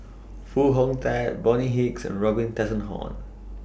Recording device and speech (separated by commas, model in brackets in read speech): boundary microphone (BM630), read sentence